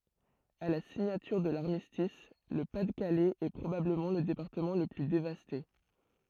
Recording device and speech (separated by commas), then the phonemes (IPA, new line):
throat microphone, read sentence
a la siɲatyʁ də laʁmistis lə pa də kalɛz ɛ pʁobabləmɑ̃ lə depaʁtəmɑ̃ lə ply devaste